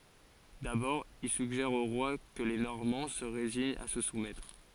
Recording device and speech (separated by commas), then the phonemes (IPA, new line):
forehead accelerometer, read sentence
dabɔʁ il syɡʒɛʁ o ʁwa kə le nɔʁmɑ̃ sə ʁeziɲt a sə sumɛtʁ